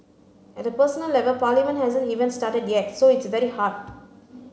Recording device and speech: mobile phone (Samsung C9), read sentence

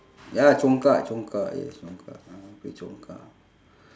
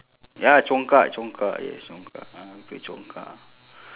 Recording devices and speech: standing microphone, telephone, conversation in separate rooms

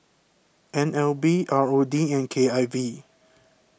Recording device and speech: boundary microphone (BM630), read sentence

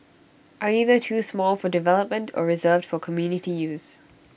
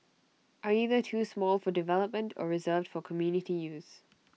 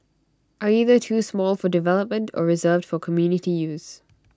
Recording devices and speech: boundary microphone (BM630), mobile phone (iPhone 6), standing microphone (AKG C214), read sentence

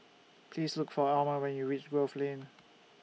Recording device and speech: mobile phone (iPhone 6), read sentence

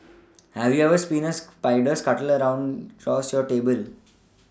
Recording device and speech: standing microphone (AKG C214), read sentence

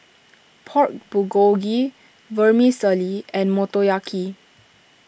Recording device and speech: boundary microphone (BM630), read sentence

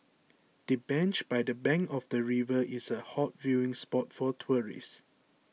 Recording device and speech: mobile phone (iPhone 6), read sentence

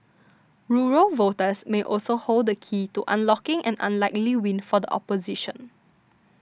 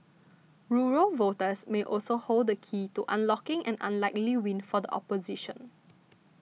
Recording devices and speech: standing microphone (AKG C214), mobile phone (iPhone 6), read sentence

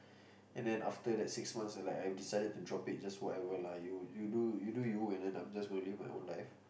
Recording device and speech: boundary microphone, conversation in the same room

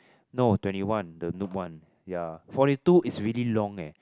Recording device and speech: close-talking microphone, conversation in the same room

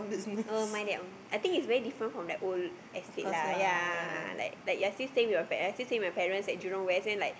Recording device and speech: boundary microphone, conversation in the same room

